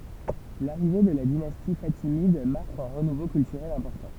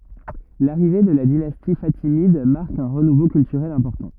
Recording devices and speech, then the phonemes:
temple vibration pickup, rigid in-ear microphone, read sentence
laʁive də la dinasti fatimid maʁk œ̃ ʁənuvo kyltyʁɛl ɛ̃pɔʁtɑ̃

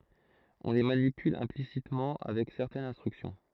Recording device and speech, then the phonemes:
throat microphone, read sentence
ɔ̃ le manipyl ɛ̃plisitmɑ̃ avɛk sɛʁtɛnz ɛ̃stʁyksjɔ̃

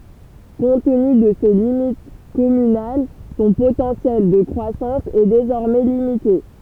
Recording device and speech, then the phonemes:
temple vibration pickup, read sentence
kɔ̃t təny də se limit kɔmynal sɔ̃ potɑ̃sjɛl də kʁwasɑ̃s ɛ dezɔʁmɛ limite

